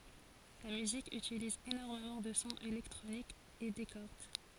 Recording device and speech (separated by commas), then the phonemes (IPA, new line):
forehead accelerometer, read sentence
la myzik ytiliz enɔʁmemɑ̃ də sɔ̃z elɛktʁonikz e de kɔʁd